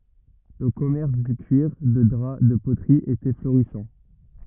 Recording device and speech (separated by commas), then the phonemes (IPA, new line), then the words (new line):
rigid in-ear microphone, read sentence
lə kɔmɛʁs dy kyiʁ də dʁa də potʁi etɛ floʁisɑ̃
Le commerce du cuir, de drap, de poterie était florissant.